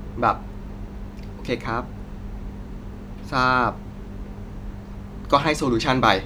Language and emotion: Thai, frustrated